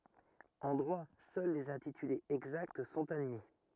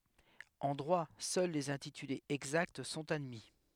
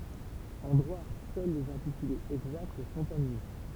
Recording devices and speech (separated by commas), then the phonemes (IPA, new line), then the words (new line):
rigid in-ear microphone, headset microphone, temple vibration pickup, read sentence
ɑ̃ dʁwa sœl lez ɛ̃titylez ɛɡzakt sɔ̃t admi
En droit, seuls les intitulés exacts sont admis.